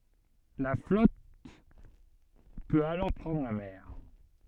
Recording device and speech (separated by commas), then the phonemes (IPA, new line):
soft in-ear microphone, read sentence
la flɔt pøt alɔʁ pʁɑ̃dʁ la mɛʁ